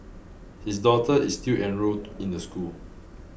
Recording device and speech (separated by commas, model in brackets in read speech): boundary microphone (BM630), read sentence